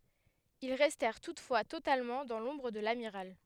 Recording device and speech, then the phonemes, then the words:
headset microphone, read sentence
il ʁɛstɛʁ tutfwa totalmɑ̃ dɑ̃ lɔ̃bʁ də lamiʁal
Ils restèrent toutefois totalement dans l’ombre de l’amiral.

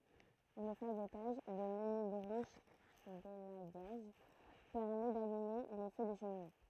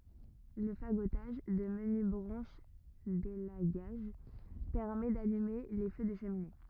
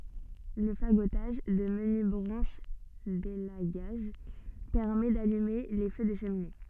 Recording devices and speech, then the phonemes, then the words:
throat microphone, rigid in-ear microphone, soft in-ear microphone, read sentence
lə faɡotaʒ də məny bʁɑ̃ʃ delaɡaʒ pɛʁmɛ dalyme le fø də ʃəmine
Le fagotage de menues branches d'élagage permet d'allumer les feux de cheminées.

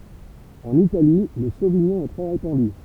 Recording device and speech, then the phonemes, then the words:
temple vibration pickup, read sentence
ɑ̃n itali lə soviɲɔ̃ ɛ tʁɛ ʁepɑ̃dy
En Italie, le sauvignon est très répandu.

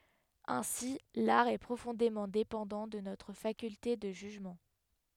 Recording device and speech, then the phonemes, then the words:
headset microphone, read sentence
ɛ̃si laʁ ɛ pʁofɔ̃demɑ̃ depɑ̃dɑ̃ də notʁ fakylte də ʒyʒmɑ̃
Ainsi, l'art est profondément dépendant de notre faculté de jugement.

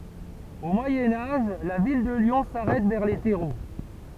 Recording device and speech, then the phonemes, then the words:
temple vibration pickup, read sentence
o mwajɛ̃ aʒ la vil də ljɔ̃ saʁɛt vɛʁ le tɛʁo
Au Moyen Âge, la ville de Lyon s’arrête vers les Terreaux.

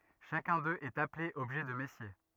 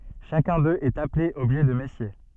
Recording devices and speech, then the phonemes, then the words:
rigid in-ear microphone, soft in-ear microphone, read sentence
ʃakœ̃ døz ɛt aple ɔbʒɛ də mɛsje
Chacun d'eux est appelé objet de Messier.

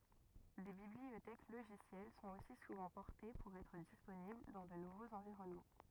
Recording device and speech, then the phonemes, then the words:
rigid in-ear microphone, read sentence
de bibliotɛk loʒisjɛl sɔ̃t osi suvɑ̃ pɔʁte puʁ ɛtʁ disponibl dɑ̃ də nuvoz ɑ̃viʁɔnmɑ̃
Des bibliothèques logicielles sont aussi souvent portées pour être disponibles dans de nouveaux environnements.

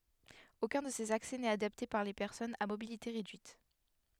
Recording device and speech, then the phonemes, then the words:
headset microphone, read sentence
okœ̃ də sez aksɛ nɛt adapte puʁ le pɛʁsɔnz a mobilite ʁedyit
Aucun de ces accès n'est adapté pour les personnes à mobilité réduite.

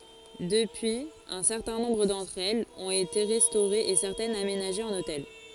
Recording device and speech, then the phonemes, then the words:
forehead accelerometer, read sentence
dəpyiz œ̃ sɛʁtɛ̃ nɔ̃bʁ dɑ̃tʁ ɛlz ɔ̃t ete ʁɛstoʁez e sɛʁtɛnz amenaʒez ɑ̃n otɛl
Depuis, un certain nombre d'entre elles ont été restaurées et certaines aménagées en hôtel.

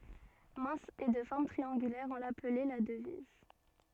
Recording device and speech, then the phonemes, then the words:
soft in-ear microphone, read sentence
mɛ̃s e də fɔʁm tʁiɑ̃ɡylɛʁ ɔ̃ laplɛ la dəviz
Mince et de forme triangulaire, on l'appelait la Devise.

